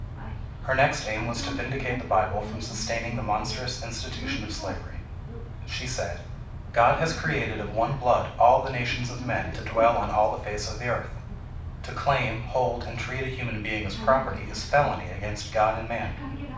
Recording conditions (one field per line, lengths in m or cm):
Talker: one person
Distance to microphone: 5.8 m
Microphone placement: far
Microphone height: 1.8 m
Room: medium-sized (5.7 m by 4.0 m)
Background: television